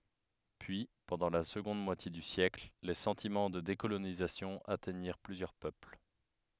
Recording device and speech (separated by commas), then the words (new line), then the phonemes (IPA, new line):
headset microphone, read sentence
Puis, pendant la seconde moitié du siècle, les sentiments de décolonisation atteignirent plusieurs peuples.
pyi pɑ̃dɑ̃ la səɡɔ̃d mwatje dy sjɛkl le sɑ̃timɑ̃ də dekolonizasjɔ̃ atɛɲiʁ plyzjœʁ pøpl